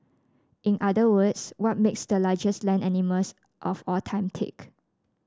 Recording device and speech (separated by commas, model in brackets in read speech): standing microphone (AKG C214), read sentence